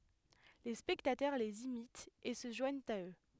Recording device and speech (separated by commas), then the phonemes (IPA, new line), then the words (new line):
headset microphone, read sentence
le spɛktatœʁ lez imitt e sə ʒwaɲt a ø
Les spectateurs les imitent et se joignent à eux.